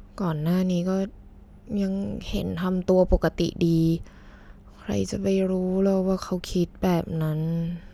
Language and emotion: Thai, sad